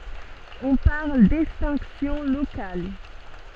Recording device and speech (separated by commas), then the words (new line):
soft in-ear microphone, read sentence
On parle d'extinction locale.